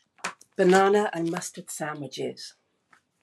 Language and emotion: English, disgusted